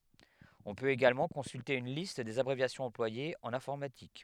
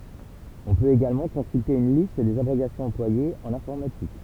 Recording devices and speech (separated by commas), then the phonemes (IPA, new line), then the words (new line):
headset microphone, temple vibration pickup, read sentence
ɔ̃ pøt eɡalmɑ̃ kɔ̃sylte yn list dez abʁevjasjɔ̃z ɑ̃plwajez ɑ̃n ɛ̃fɔʁmatik
On peut également consulter une liste des abréviations employées en informatique.